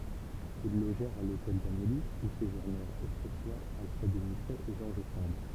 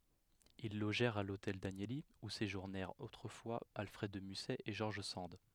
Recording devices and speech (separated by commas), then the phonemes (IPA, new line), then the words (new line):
temple vibration pickup, headset microphone, read sentence
il loʒɛʁt a lotɛl danjəli u seʒuʁnɛʁt otʁəfwa alfʁɛd də mysɛ e ʒɔʁʒ sɑ̃d
Ils logèrent à l'Hôtel Danieli, où séjournèrent autrefois Alfred de Musset et George Sand.